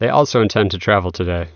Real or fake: real